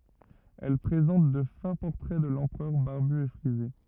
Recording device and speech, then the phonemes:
rigid in-ear microphone, read sentence
ɛl pʁezɑ̃t də fɛ̃ pɔʁtʁɛ də lɑ̃pʁœʁ baʁby e fʁize

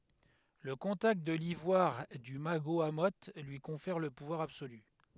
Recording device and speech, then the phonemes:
headset microphone, read sentence
lə kɔ̃takt də livwaʁ dy maɡoamo lyi kɔ̃fɛʁ lə puvwaʁ absoly

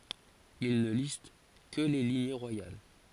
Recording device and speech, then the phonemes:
forehead accelerometer, read sentence
il nə list kə le liɲe ʁwajal

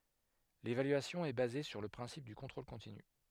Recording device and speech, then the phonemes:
headset microphone, read sentence
levalyasjɔ̃ ɛ baze syʁ lə pʁɛ̃sip dy kɔ̃tʁol kɔ̃tiny

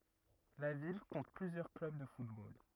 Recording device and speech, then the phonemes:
rigid in-ear microphone, read sentence
la vil kɔ̃t plyzjœʁ klœb də futbol

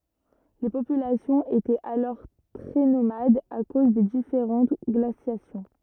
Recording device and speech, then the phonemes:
rigid in-ear microphone, read sentence
le popylasjɔ̃z etɛt alɔʁ tʁɛ nomadz a koz de difeʁɑ̃t ɡlasjasjɔ̃

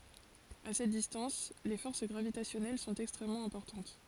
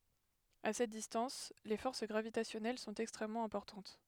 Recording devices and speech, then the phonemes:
forehead accelerometer, headset microphone, read sentence
a sɛt distɑ̃s le fɔʁs ɡʁavitasjɔnɛl sɔ̃t ɛkstʁɛmmɑ̃ ɛ̃pɔʁtɑ̃t

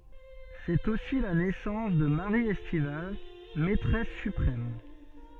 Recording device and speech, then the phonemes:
soft in-ear microphone, read sentence
sɛt osi la nɛsɑ̃s də maʁi ɛstival mɛtʁɛs sypʁɛm

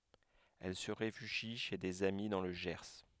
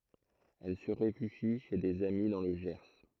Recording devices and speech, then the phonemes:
headset microphone, throat microphone, read sentence
ɛl sə ʁefyʒi ʃe dez ami dɑ̃ lə ʒɛʁ

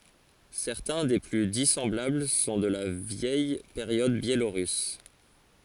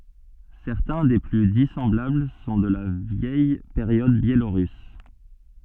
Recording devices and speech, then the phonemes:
forehead accelerometer, soft in-ear microphone, read sentence
sɛʁtɛ̃ de ply disɑ̃blabl sɔ̃ də la vjɛj peʁjɔd bjeloʁys

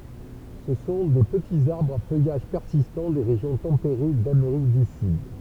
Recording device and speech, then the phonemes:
temple vibration pickup, read sentence
sə sɔ̃ de pətiz aʁbʁz a fœjaʒ pɛʁsistɑ̃ de ʁeʒjɔ̃ tɑ̃peʁe dameʁik dy syd

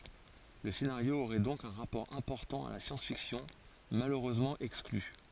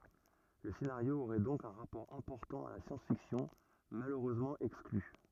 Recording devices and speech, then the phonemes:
forehead accelerometer, rigid in-ear microphone, read sentence
lə senaʁjo oʁɛ dɔ̃k œ̃ ʁapɔʁ ɛ̃pɔʁtɑ̃ a la sjɑ̃s fiksjɔ̃ maløʁøzmɑ̃ ɛkskly

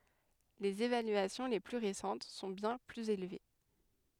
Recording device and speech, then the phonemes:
headset microphone, read sentence
lez evalyasjɔ̃ le ply ʁesɑ̃t sɔ̃ bjɛ̃ plyz elve

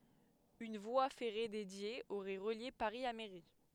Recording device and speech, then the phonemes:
headset microphone, read sentence
yn vwa fɛʁe dedje oʁɛ ʁəlje paʁi a meʁi

